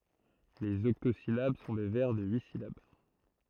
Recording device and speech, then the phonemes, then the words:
throat microphone, read sentence
lez ɔktozilab sɔ̃ de vɛʁ də yi silab
Les octosyllabes sont des vers de huit syllabes.

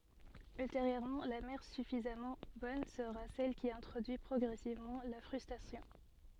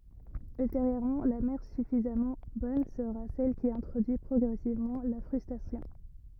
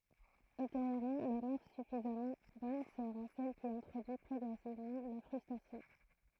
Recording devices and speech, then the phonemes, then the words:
soft in-ear microphone, rigid in-ear microphone, throat microphone, read sentence
ylteʁjøʁmɑ̃ la mɛʁ syfizamɑ̃ bɔn səʁa sɛl ki ɛ̃tʁodyi pʁɔɡʁɛsivmɑ̃ la fʁystʁasjɔ̃
Ultérieurement, la mère suffisamment bonne sera celle qui introduit progressivement la frustration.

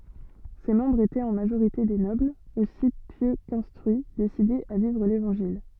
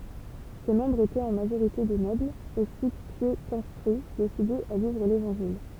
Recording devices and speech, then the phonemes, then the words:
soft in-ear microphone, temple vibration pickup, read sentence
se mɑ̃bʁz etɛt ɑ̃ maʒoʁite de nɔblz osi pjø kɛ̃stʁyi desidez a vivʁ levɑ̃ʒil
Ses membres étaient en majorité des nobles, aussi pieux qu'instruits, décidés à vivre l'Évangile.

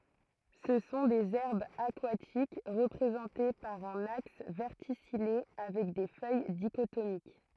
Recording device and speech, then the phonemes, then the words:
throat microphone, read sentence
sə sɔ̃ dez ɛʁbz akwatik ʁəpʁezɑ̃te paʁ œ̃n aks vɛʁtisije avɛk de fœj diʃotomik
Ce sont des herbes aquatiques, représentées par un axe verticillé avec des feuilles dichotomiques.

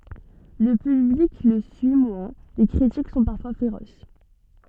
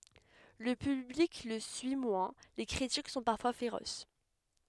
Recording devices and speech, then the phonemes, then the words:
soft in-ear microphone, headset microphone, read sentence
lə pyblik lə syi mwɛ̃ le kʁitik sɔ̃ paʁfwa feʁos
Le public le suit moins, les critiques sont parfois féroces.

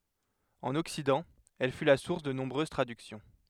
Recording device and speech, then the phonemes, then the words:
headset microphone, read sentence
ɑ̃n ɔksidɑ̃ ɛl fy la suʁs də nɔ̃bʁøz tʁadyksjɔ̃
En Occident, elle fut la source de nombreuses traductions.

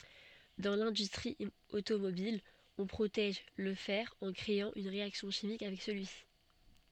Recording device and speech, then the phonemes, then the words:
soft in-ear microphone, read sentence
dɑ̃ lɛ̃dystʁi otomobil ɔ̃ pʁotɛʒ lə fɛʁ ɑ̃ kʁeɑ̃ yn ʁeaksjɔ̃ ʃimik avɛk səlyisi
Dans l'industrie automobile, on protège le fer en créant une réaction chimique avec celui-ci.

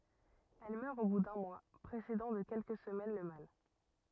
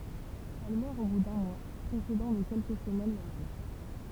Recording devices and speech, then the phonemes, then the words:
rigid in-ear microphone, temple vibration pickup, read sentence
ɛl mœʁ o bu dœ̃ mwa pʁesedɑ̃ də kɛlkə səmɛn lə mal
Elle meurt au bout d’un mois, précédant de quelques semaines le mâle.

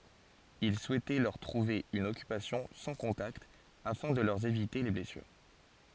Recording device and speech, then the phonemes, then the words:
forehead accelerometer, read sentence
il suɛtɛ lœʁ tʁuve yn ɔkypasjɔ̃ sɑ̃ kɔ̃takt afɛ̃ də lœʁ evite le blɛsyʁ
Il souhaitait leur trouver une occupation sans contacts, afin de leur éviter les blessures.

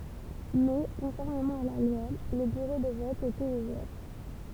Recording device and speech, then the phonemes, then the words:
temple vibration pickup, read sentence
mɛ kɔ̃fɔʁmemɑ̃ a la lwa lə byʁo də vɔt etɛt uvɛʁ
Mais, conformément à la loi, le bureau de vote était ouvert.

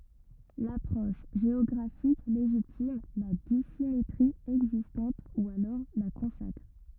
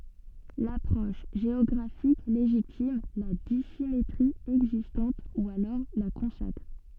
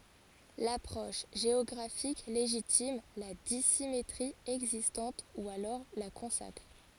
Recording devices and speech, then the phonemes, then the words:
rigid in-ear microphone, soft in-ear microphone, forehead accelerometer, read sentence
lapʁɔʃ ʒeɔɡʁafik leʒitim la disimetʁi ɛɡzistɑ̃t u alɔʁ la kɔ̃sakʁ
L'approche géographique légitime, la dissymétrie existante ou alors la consacre.

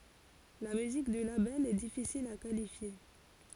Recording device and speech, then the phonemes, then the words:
forehead accelerometer, read sentence
la myzik dy labɛl ɛ difisil a kalifje
La musique du label est difficile à qualifier.

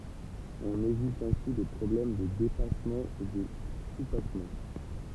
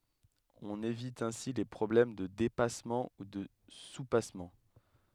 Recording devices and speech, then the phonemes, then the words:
temple vibration pickup, headset microphone, read sentence
ɔ̃n evit ɛ̃si le pʁɔblɛm də depasmɑ̃ u də supasmɑ̃
On évite ainsi les problèmes de dépassement ou de soupassement.

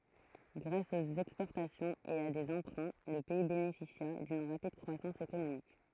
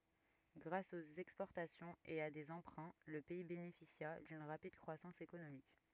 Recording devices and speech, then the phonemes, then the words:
throat microphone, rigid in-ear microphone, read sentence
ɡʁas oə ɛkspɔʁtasjɔ̃ə e a deə ɑ̃pʁɛ̃ lə pɛi benefisja dyn ʁapid kʁwasɑ̃s ekonomik
Grâce aux exportations et à des emprunts, le pays bénéficia d'une rapide croissance économique.

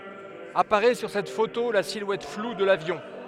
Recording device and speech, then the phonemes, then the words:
headset microphone, read sentence
apaʁɛ syʁ sɛt foto la silwɛt flu də lavjɔ̃
Apparaît sur cette photo la silhouette floue de l'avion.

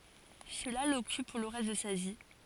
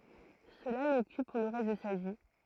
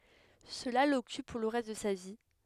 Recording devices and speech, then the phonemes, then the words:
forehead accelerometer, throat microphone, headset microphone, read sentence
səla lɔkyp puʁ lə ʁɛst də sa vi
Cela l'occupe pour le reste de sa vie.

